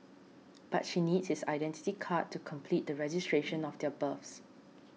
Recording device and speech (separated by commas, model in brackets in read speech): mobile phone (iPhone 6), read sentence